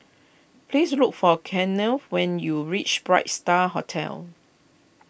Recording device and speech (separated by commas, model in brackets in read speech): boundary microphone (BM630), read sentence